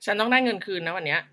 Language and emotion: Thai, frustrated